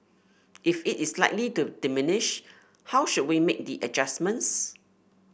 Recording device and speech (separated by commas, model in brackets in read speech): boundary microphone (BM630), read sentence